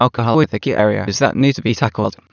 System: TTS, waveform concatenation